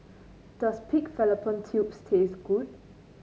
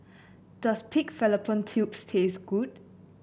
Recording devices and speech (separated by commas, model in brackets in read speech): mobile phone (Samsung C9), boundary microphone (BM630), read sentence